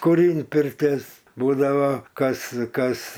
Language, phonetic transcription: Lithuanian, kuˈrynt pirˈtės ˈbūdavo ˈkas ˈkas

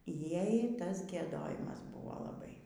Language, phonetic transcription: Lithuanian, ˈjai ˈtas gieˈdojimas ˈbuvo laˈbai

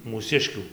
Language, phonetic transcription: Lithuanian, mūˈsiškių

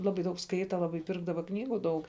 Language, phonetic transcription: Lithuanian, ˈlabai daug ˈskaita ˈlabai ˈpirkdava ˈknygų ˈdaug

